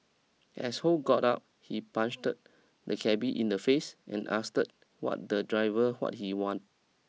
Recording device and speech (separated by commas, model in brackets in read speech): mobile phone (iPhone 6), read sentence